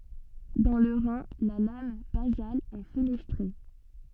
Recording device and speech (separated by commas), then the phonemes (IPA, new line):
soft in-ear microphone, read sentence
dɑ̃ lə ʁɛ̃ la lam bazal ɛ fənɛstʁe